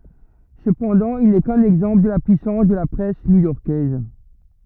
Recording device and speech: rigid in-ear microphone, read sentence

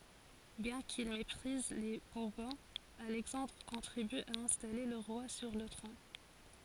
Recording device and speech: forehead accelerometer, read sentence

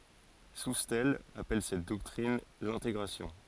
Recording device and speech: forehead accelerometer, read sentence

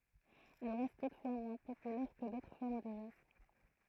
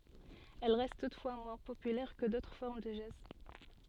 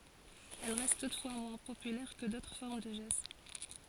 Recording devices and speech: throat microphone, soft in-ear microphone, forehead accelerometer, read sentence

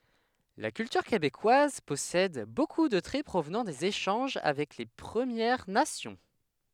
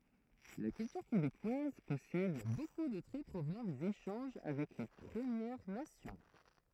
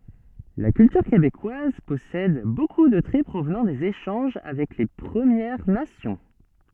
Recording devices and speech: headset microphone, throat microphone, soft in-ear microphone, read sentence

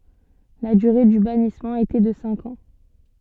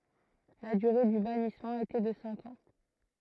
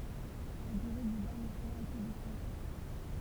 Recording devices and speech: soft in-ear microphone, throat microphone, temple vibration pickup, read sentence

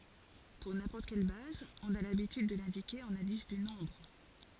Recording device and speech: forehead accelerometer, read sentence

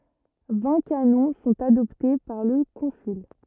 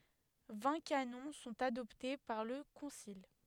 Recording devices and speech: rigid in-ear microphone, headset microphone, read sentence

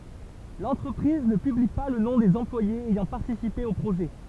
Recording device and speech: temple vibration pickup, read sentence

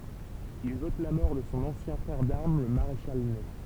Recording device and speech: temple vibration pickup, read sentence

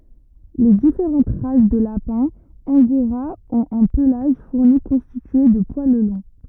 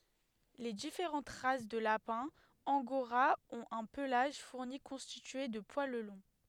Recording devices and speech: rigid in-ear microphone, headset microphone, read sentence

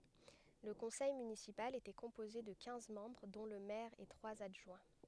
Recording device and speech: headset microphone, read sentence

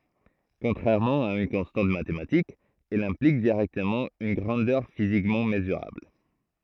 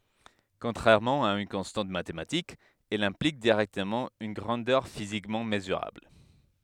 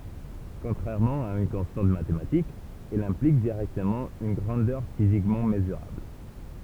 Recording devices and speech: throat microphone, headset microphone, temple vibration pickup, read sentence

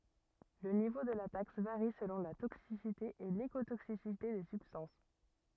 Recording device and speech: rigid in-ear microphone, read sentence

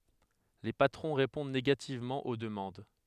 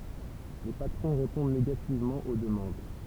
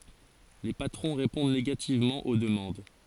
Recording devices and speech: headset microphone, temple vibration pickup, forehead accelerometer, read sentence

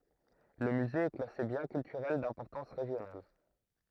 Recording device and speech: throat microphone, read sentence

